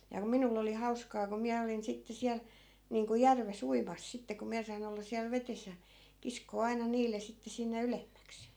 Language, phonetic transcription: Finnish, ja ku 'minull ‿oli 'hauskaa ko 'miä olin 'sitte 'siäl , niiŋku 'järves "uimas sitte ko 'miä sain ‿olla siäl 'vetes ja , 'kiskoo 'aina 'niil̆le sitte sinne 'ylemmäks .
- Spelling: ja kun minulla oli hauskaa kun minä olin sitten siellä niin kuin järvessä uimassa sitten kun minä sain olla siellä vedessä ja kiskoa aina niille sitten sinne ylemmäksi

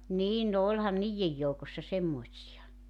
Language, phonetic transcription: Finnish, 'niin no 'oĺhan "niijjej joukossa 'semmoⁱtsi₍a .
- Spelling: niin no olihan niiden joukossa semmoisia

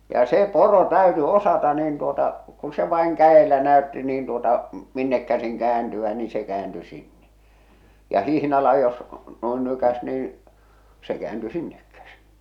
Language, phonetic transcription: Finnish, ja 'se 'poro 'täyty 'osata niin tuota , ku se vaiŋ 'kä₍elä 'näö̭tti niin tuota , 'minnek käsiŋ 'käänty₍ä ni se "käänty 'sinne , ja 'hihnala jos , noin 'nykäs niin̬ , se 'kᵉäänty "sinnek käsiɴ .
- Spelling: ja se poro täytyi osata niin tuota kun se vain kädellä näytti niin tuota minne käsin kääntyä niin se kääntyi sinne ja hihnalla jos noin nykäisi niin se kääntyi sinne käsin

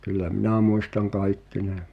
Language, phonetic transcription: Finnish, kyllä "minä muistaŋ 'kaikki ne ,.
- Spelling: kyllä minä muistan kaikki ne

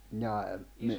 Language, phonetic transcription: Finnish, njaa , mi- ...
- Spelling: jaa -

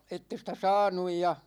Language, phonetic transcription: Finnish, 'ette ‿stä "saanuj ja ,.
- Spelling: että ei sitä saanut ja

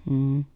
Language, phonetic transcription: Finnish, m̥m̥ .
- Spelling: mm

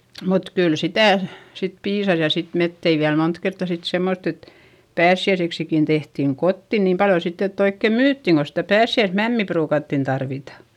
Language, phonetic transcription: Finnish, mut kyl sitä̀ , sit piisas ja sit met tei viäl mont kertta sit semmott ‿et , päässi₍äiseksikin tehtìŋ kotti niim paljo sitt ‿ett ‿oikke myyttiŋ ko sitä päässi₍äismämmi pruukattin tarvita .
- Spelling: mutta kyllä sitä sitten piisasi ja sitten me teimme vielä monta kertaa sitten semmottoon että pääsiäiseksikin tehtiin kotiin niin paljon sitten että oikein myytiin kun sitä pääsiäismämmiä ruukattiin tarvita

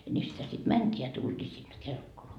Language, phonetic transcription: Finnish, ja nii sitä sit "mänt́ii ja 'tult́ii sinne "Kelkkoloa .
- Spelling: ja niin sitä sitten mentiin ja tultiin sinne Kelkkolaan

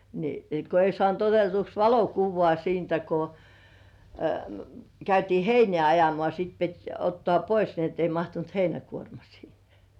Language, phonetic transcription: Finnish, ni , ko ei sŏànt 'otetuks "valokuvvŏà siintä ko , 'käytii "heinĕä̀ ajomŏà siit pit 'ottŏà "pois ni ‿ett ‿ei 'mahtunt "heinäkuorma siihᴇ .
- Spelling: niin kun ei saanut otetuksi valokuvaa siitä kun käytiin heinää ajamaan sitten piti ottaa pois niin että ei mahtunut heinäkuorma siihen

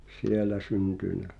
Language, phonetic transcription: Finnish, sielä 'syntỳnä .
- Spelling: siellä syntynyt

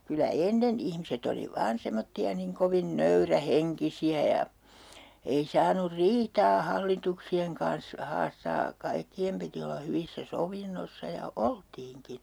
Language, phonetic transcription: Finnish, kylä "ennen 'ihmiset ‿oli 'vaan 'semotti₍a niŋ "kovin 'nöyrä'heŋkisi₍ä ja , ei 'saanur "riitaa 'hallituksi₍eŋ kans 'haastaa , 'kaikki₍em piti olla 'hyvissä "sovinnossa ja , "oltiiŋkin̬ .
- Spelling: kyllä ennen ihmiset oli vain semmoisia niin kovin nöyrähenkisiä ja ei saanut riitaa hallituksien kanssa haastaa kaikkien piti olla hyvissä sovinnoissa ja oltiinkin

